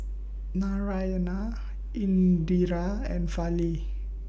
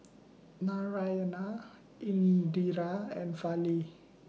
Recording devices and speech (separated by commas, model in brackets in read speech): boundary microphone (BM630), mobile phone (iPhone 6), read sentence